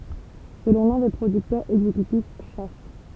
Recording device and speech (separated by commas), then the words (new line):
temple vibration pickup, read sentence
Selon l'un des producteurs exécutifs, Chas.